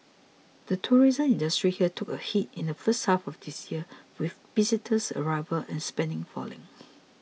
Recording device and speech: mobile phone (iPhone 6), read sentence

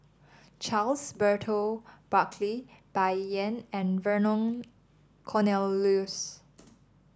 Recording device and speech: standing microphone (AKG C214), read sentence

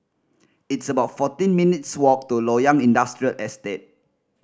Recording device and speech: standing microphone (AKG C214), read sentence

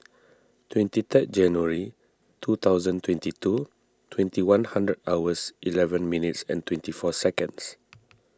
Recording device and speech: standing microphone (AKG C214), read sentence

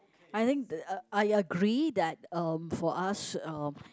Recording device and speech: close-talking microphone, conversation in the same room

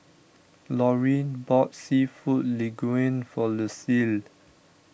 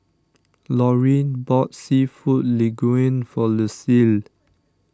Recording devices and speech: boundary microphone (BM630), standing microphone (AKG C214), read sentence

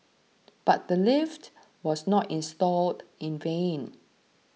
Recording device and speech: mobile phone (iPhone 6), read sentence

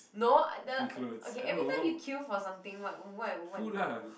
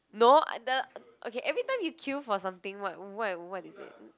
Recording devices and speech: boundary microphone, close-talking microphone, conversation in the same room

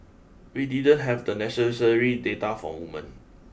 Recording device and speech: boundary microphone (BM630), read sentence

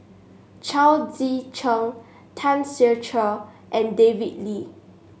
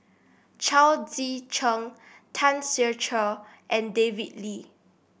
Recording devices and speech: mobile phone (Samsung S8), boundary microphone (BM630), read sentence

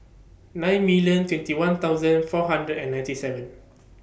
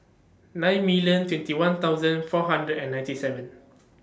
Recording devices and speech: boundary microphone (BM630), standing microphone (AKG C214), read sentence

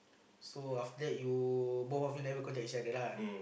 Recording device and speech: boundary microphone, conversation in the same room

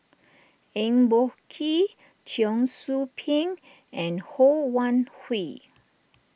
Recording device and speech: boundary microphone (BM630), read sentence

